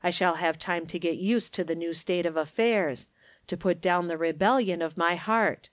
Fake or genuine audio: genuine